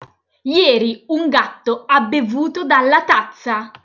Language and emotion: Italian, angry